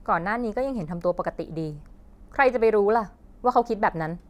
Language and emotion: Thai, frustrated